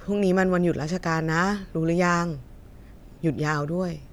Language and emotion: Thai, neutral